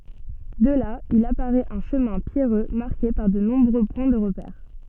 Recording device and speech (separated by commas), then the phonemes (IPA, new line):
soft in-ear microphone, read sentence
də la il apaʁɛt œ̃ ʃəmɛ̃ pjɛʁø maʁke paʁ də nɔ̃bʁø pwɛ̃ də ʁəpɛʁ